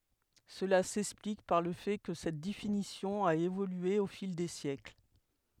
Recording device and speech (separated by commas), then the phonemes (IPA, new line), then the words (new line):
headset microphone, read sentence
səla sɛksplik paʁ lə fɛ kə sɛt definisjɔ̃ a evolye o fil de sjɛkl
Cela s'explique par le fait que cette définition a évolué au fil des siècles.